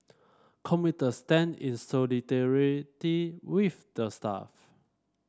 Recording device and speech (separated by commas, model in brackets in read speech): standing microphone (AKG C214), read sentence